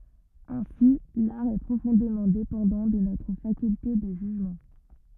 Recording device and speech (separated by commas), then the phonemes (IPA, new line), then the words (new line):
rigid in-ear microphone, read sentence
ɛ̃si laʁ ɛ pʁofɔ̃demɑ̃ depɑ̃dɑ̃ də notʁ fakylte də ʒyʒmɑ̃
Ainsi, l'art est profondément dépendant de notre faculté de jugement.